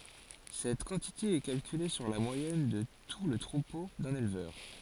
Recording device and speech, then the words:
forehead accelerometer, read sentence
Cette quantité est calculée sur la moyenne de tout le troupeau d'un éleveur.

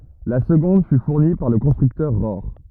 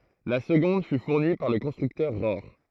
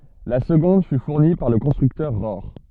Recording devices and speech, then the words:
rigid in-ear microphone, throat microphone, soft in-ear microphone, read sentence
La seconde fut fournie par le constructeur Rohr.

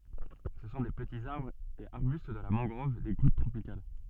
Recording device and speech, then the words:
soft in-ear microphone, read sentence
Ce sont des petits arbres et arbustes de la mangrove des côtes tropicales.

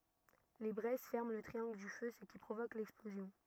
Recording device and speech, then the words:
rigid in-ear microphone, read sentence
Les braises ferment le triangle du feu, ce qui provoque l'explosion.

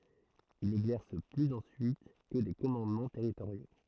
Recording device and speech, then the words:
throat microphone, read sentence
Il n'exerce plus ensuite que des commandements territoriaux.

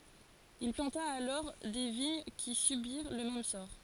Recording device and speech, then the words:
forehead accelerometer, read sentence
Il planta alors des vignes qui subirent le même sort.

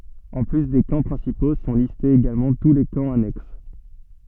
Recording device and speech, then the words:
soft in-ear microphone, read sentence
En plus des camps principaux, sont listés également tous les camps annexes.

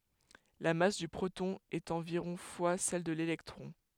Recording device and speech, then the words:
headset microphone, read sentence
La masse du proton est environ fois celle de l'électron.

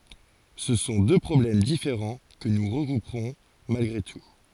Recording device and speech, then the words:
forehead accelerometer, read sentence
Ce sont deux problèmes différents que nous regrouperons malgré tout.

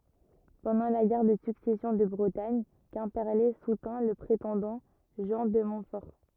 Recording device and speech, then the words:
rigid in-ear microphone, read sentence
Pendant la guerre de Succession de Bretagne, Quimperlé soutint le prétendant Jean de Montfort.

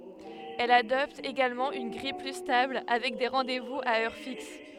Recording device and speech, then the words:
headset microphone, read sentence
Elle adopte également une grille plus stable, avec des rendez-vous à heure fixe.

